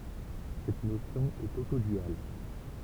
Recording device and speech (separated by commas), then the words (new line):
temple vibration pickup, read sentence
Cette notion est autoduale.